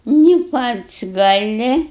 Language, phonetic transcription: Lithuanian, ni ˈpats gaˈli

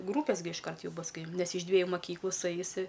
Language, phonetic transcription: Lithuanian, ˈgrūpes gi išˈkart ˈjų ˈbus ˈkai ˈnes iš ˈdvieju maˈkyklų suˈeis i

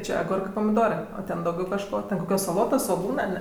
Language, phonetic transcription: Lithuanian, ˈčia aˈgurkɜ pamiˈdorɜ o ˈten dauˈgiau kažˈko ten koˈkios saˈlotos svoˈgūnɜ ar ne

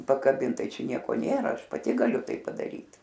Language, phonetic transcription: Lithuanian, pakaˈbint ˈtai ˈčia ˈnieko ˈnėra ˈaš paˈti gaˈliu ˈtai padaˈryt

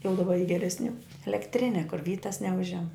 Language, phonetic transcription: Lithuanian, jau daˈba y geresˈnių elekˈtrine kur ˈvytas neˈužiam

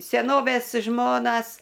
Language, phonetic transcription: Lithuanian, seˈnovės ˈžmonas

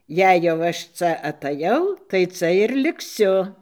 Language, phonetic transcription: Lithuanian, ˈjei jau ˈaš ˈca ataˈjau tai ˈca ir likˈsiu

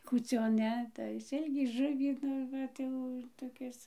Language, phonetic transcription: Lithuanian, kūˈcion ˈne tai ˈsilkį ˈžuvį ˈnu ˈvat jau toˈkis

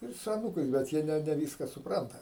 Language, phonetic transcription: Lithuanian, ˈir su aˈnūkais bet ˈjie ˈne neˈvyska suˈpranta

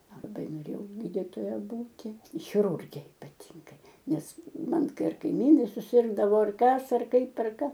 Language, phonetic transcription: Lithuanian, laˈbai noˈrėjau ˈgyditoja ˈbūti chiˈrurge ipaˈtyngai ˈnes ˈman ˈkai ˈar kaiˈmynai suˈsirgdavo ˈar ˈkas ˈar ˈkaip ˈar ˈka

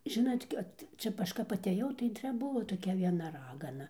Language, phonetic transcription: Lithuanian, ˈžinat' kad ˈčia ˈaš kap atėˈjau tai ˈčia ˈbuvo toˈkia vieˈna ˈragana

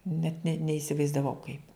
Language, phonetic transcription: Lithuanian, net ne neisivaizdaˈvau kaip

